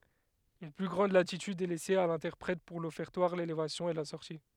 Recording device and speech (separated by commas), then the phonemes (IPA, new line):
headset microphone, read sentence
yn ply ɡʁɑ̃d latityd ɛ lɛse a lɛ̃tɛʁpʁɛt puʁ lɔfɛʁtwaʁ lelevasjɔ̃ e la sɔʁti